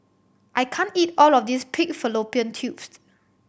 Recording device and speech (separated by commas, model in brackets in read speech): boundary microphone (BM630), read sentence